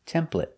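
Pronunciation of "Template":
'Template' is said the American way, with the eh sound rather than an a sound.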